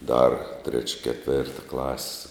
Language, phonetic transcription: Lithuanian, dar treč' keˈtvėrta klas'

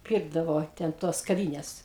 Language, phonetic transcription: Lithuanian, ˈpyrkdavo ten ˈtos kaˈvynes

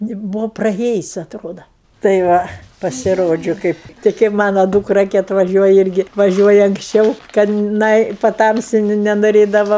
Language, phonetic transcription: Lithuanian, ni ˈbūvo praˈėjus' atˈroda tai ˈva pasiˈrodžiu ˈkaip tai kaip ˈmano ˈdūkra ki atvaˈžiuoja ˈirgi vaˈžiuoja anksˈčiau kad ˈnai paˈtamsi nenoˈrėdava

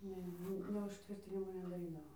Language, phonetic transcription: Lithuanian, ˈne ˈne užˈtvirtinimo nedaˈrydavo

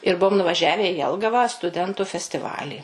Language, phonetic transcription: Lithuanian, ir ˈbuom nuvaˈžiave i ˈjelgava stuˈdentu festiˈvalį

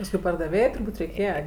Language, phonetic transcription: Lithuanian, pasˈkui pardaˈvėjai turˈbūt' reiˈkėje

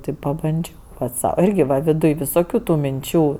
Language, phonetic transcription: Lithuanian, ti pabanˈdžiau ˈpat' ˈsau ˈirgi va viˈduj visoˈkių tu minˈčių

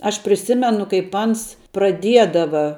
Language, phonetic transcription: Lithuanian, aš priˈsimenu kaip ˈans praˈdiedava

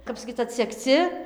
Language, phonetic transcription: Lithuanian, ˈkap saˈkyc atsegˈci

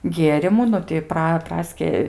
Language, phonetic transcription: Lithuanian, ˈgierimų ˈnu ti ˈpra ˈpraski

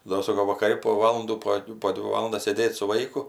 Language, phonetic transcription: Lithuanian, ˈdo ˈsoko vakaˈri po ˈvalandų po ˈdvi ˈvalandas sėˈdėt' su ˈvaiku

